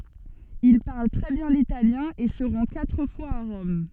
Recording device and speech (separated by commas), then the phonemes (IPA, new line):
soft in-ear microphone, read sentence
il paʁl tʁɛ bjɛ̃ litaljɛ̃ e sə ʁɑ̃ katʁ fwaz a ʁɔm